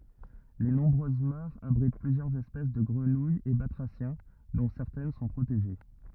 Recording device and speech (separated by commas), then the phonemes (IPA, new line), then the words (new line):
rigid in-ear microphone, read sentence
le nɔ̃bʁøz maʁz abʁit plyzjœʁz ɛspɛs də ɡʁənujz e batʁasjɛ̃ dɔ̃ sɛʁtɛn sɔ̃ pʁoteʒe
Les nombreuses mares abritent plusieurs espèces de grenouilles et batraciens, dont certaines sont protégées.